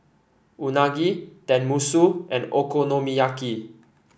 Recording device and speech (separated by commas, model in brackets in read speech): boundary microphone (BM630), read sentence